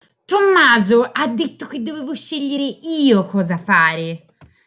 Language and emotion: Italian, angry